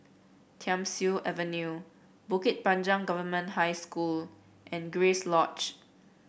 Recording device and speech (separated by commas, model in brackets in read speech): boundary microphone (BM630), read sentence